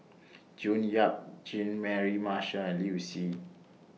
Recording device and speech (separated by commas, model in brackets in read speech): mobile phone (iPhone 6), read sentence